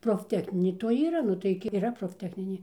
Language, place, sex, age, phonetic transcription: Lithuanian, Dzūkija, female, 60+, profˈtechninė toj ˈyra ˈnu tai gi yˈra profˈtechninė

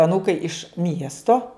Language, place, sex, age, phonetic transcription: Lithuanian, Žemaitija, female, 60+, aˈnūkai iš ˈmiesto

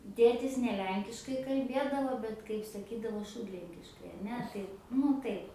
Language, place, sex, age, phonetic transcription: Lithuanian, Aukštaitija, female, 18-60, ˈtėtis ne ˈlenkiškai kalˈbėdavo ˈbet kaip saˈkydavo ˈšūdlenkiškai aˈne tai ˈnu taip

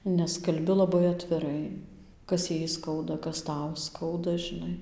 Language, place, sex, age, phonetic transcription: Lithuanian, Dzūkija, female, 18-60, nes kalˈbi laˈbai atviˈrai ˈkas ˈjai ˈskauda ˈkas ˈtau ˈskauda žiˈnai

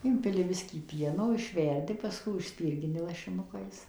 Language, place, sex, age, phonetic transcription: Lithuanian, Suvalkija, female, 60+, ˈimpili ˈbiskį ˈpieno išˈverdi paˈskui užˈspirgini lašiˈnukais

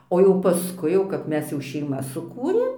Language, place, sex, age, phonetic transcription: Lithuanian, Dzūkija, female, 60+, o jau paˈskui jau kap ˈmes jau šeiˈmas suˈkūrėm

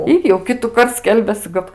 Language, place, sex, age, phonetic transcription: Lithuanian, Aukštaitija, female, 18-60, ˈir jau ˈkitukart ˈskelbiasɨ ˈkad

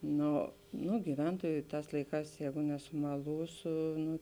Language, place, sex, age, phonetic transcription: Lithuanian, Žemaitija, female, 18-60, ˈno ˈnu giˈventuoju ˈtās ˈlaiˌkās ˈjēgu nesumalūsu ˈnu

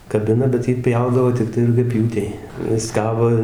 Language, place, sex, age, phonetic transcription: Lithuanian, Dzūkija, male, 60+, kaˈbina bet ˈjį ˈpjaudavo tikˈtai rugiaˈpjūtei ˈjis ˈkabo

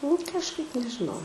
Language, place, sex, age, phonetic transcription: Lithuanian, Aukštaitija, female, 18-60, nu kažˈkaip nežiˈnau

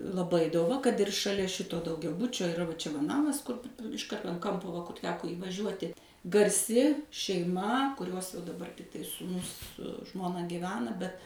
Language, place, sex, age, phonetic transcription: Lithuanian, Suvalkija, female, 60+, laˈbai doˈva kad ir šaˈlia ˈšito daugiaˈbučio iˈra va ˈčia va ˈnamas ˈkur iš ˈkarto an ˈkampo va kur ˈteko įvaˈžiuoti garˈsi šeiˈma kuˈriuos jau daˈbar tai sūˈnus su ˈžmona gyˈvena bet

